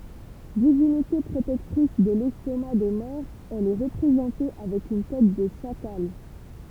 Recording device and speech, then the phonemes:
temple vibration pickup, read sentence
divinite pʁotɛktʁis də lɛstoma de mɔʁz ɛl ɛ ʁəpʁezɑ̃te avɛk yn tɛt də ʃakal

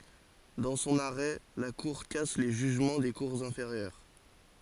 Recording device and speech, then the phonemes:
forehead accelerometer, read sentence
dɑ̃ sɔ̃n aʁɛ la kuʁ kas le ʒyʒmɑ̃ de kuʁz ɛ̃feʁjœʁ

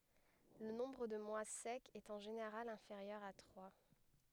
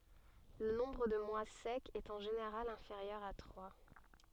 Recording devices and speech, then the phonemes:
headset microphone, soft in-ear microphone, read sentence
lə nɔ̃bʁ də mwa sɛkz ɛt ɑ̃ ʒeneʁal ɛ̃feʁjœʁ a tʁwa

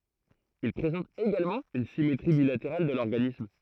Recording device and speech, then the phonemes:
throat microphone, read sentence
il pʁezɑ̃tt eɡalmɑ̃ yn simetʁi bilateʁal də lɔʁɡanism

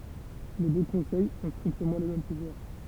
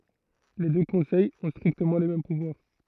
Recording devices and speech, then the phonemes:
temple vibration pickup, throat microphone, read sentence
le dø kɔ̃sɛjz ɔ̃ stʁiktəmɑ̃ le mɛm puvwaʁ

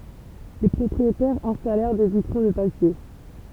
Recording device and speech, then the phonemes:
temple vibration pickup, read sentence
le pʁɔpʁietɛʁz ɛ̃stalɛʁ de vitʁo də papje

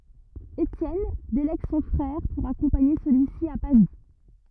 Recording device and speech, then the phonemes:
rigid in-ear microphone, read sentence
etjɛn delɛɡ sɔ̃ fʁɛʁ puʁ akɔ̃paɲe səlyi si a pavi

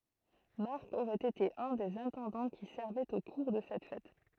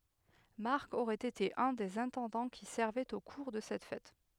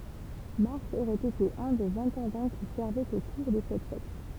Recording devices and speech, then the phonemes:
throat microphone, headset microphone, temple vibration pickup, read sentence
maʁk oʁɛt ete œ̃ dez ɛ̃tɑ̃dɑ̃ ki sɛʁvɛt o kuʁ də sɛt fɛt

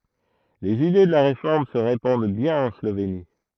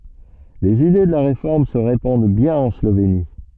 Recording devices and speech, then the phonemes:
throat microphone, soft in-ear microphone, read sentence
lez ide də la ʁefɔʁm sə ʁepɑ̃d bjɛ̃n ɑ̃ sloveni

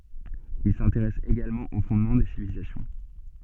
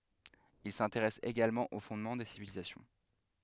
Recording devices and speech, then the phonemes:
soft in-ear microphone, headset microphone, read sentence
il sɛ̃teʁɛs eɡalmɑ̃ o fɔ̃dmɑ̃ de sivilizasjɔ̃

